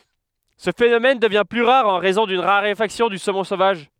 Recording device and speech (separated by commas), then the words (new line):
headset microphone, read sentence
Ce phénomène devient plus rare en raison d'une raréfaction du saumon sauvage.